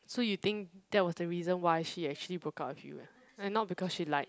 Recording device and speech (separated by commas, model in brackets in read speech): close-talking microphone, conversation in the same room